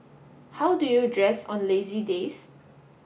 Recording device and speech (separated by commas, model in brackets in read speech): boundary microphone (BM630), read sentence